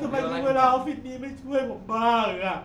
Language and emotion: Thai, sad